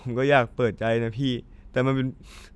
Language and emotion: Thai, sad